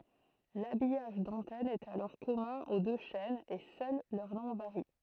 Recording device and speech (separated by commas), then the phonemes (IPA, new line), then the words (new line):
throat microphone, read sentence
labijaʒ dɑ̃tɛn ɛt alɔʁ kɔmœ̃ o dø ʃɛnz e sœl lœʁ nɔ̃ vaʁi
L'habillage d'antenne est alors commun aux deux chaînes et seul leur nom varie.